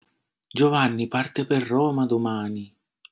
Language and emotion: Italian, surprised